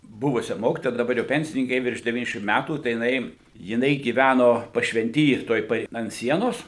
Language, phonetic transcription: Lithuanian, ˈbuvusia ˈmokitoja daˈbar jau ˈpensininki ˈjai virš deˈvyniasdešim ˈmætų tai jiˈnai jiˈnai gyˈvæno pašvenˈty tuoj ˈpa ant ˈsienos

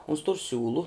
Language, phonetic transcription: Lithuanian, uns tur ˈsiūlu

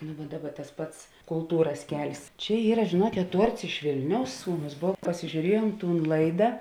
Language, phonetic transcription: Lithuanian, nu va ˈdaˌba tas ˈpats kulˈtūras ˈkel's' ˈčia ˈyra žėˈnuokėt ˈtuorts iš ˈvilniaus ˈsūˌnus ˈbov pasižiūˈriejuom ˈtūn ˈlaida

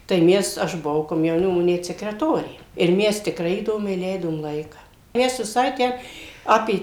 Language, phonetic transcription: Lithuanian, tai ˈmes ˈaš buˈvau komjauˈnimo ˈnet sekreˈtorė ir ˈmes tikˈrai įˈdomiai ˈleidom ˈlaika ˈmes viˈsai ˈtę ˈapė

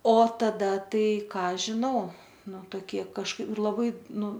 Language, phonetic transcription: Lithuanian, o taˈda ˈtai ˈką žiˈnau ˈnu toˈkie kažˈkaip laˈbai ˈnu

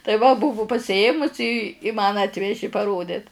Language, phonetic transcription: Lithuanian, tai ˈva ˈbuvu pasiˈėmusi i i man ˈatveži paˈrodit

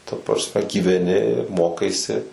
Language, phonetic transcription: Lithuanian, ta prasˈme gyveˈni ˈmokaisi

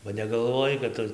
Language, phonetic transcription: Lithuanian, ba negalˈvojai kad ˈtu

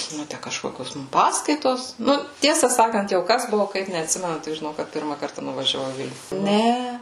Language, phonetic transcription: Lithuanian, ˈnu ˈtæ kažˈkokios ˈmum ˈpaskaitos ˈnu ˈtiesa ˈsakant jau ˈkas ˈbuvu ˈkaip neatˈsimenu tik žiˈnau kad ˈpirma ˈkarta nuvažiaˈvau i ˈvilniu ˈne

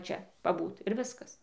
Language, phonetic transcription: Lithuanian, ˈčia paˈbūt ir ˈviskas

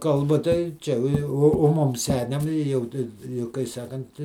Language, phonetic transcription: Lithuanian, ˈkalba tai ˈčia o ˈjau o ˈmum ˈseniam i ˈjau tai jau kai ˈsakant

